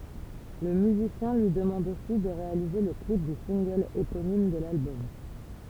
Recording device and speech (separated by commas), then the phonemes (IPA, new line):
temple vibration pickup, read sentence
lə myzisjɛ̃ lyi dəmɑ̃d osi də ʁealize lə klip dy sɛ̃ɡl eponim də lalbɔm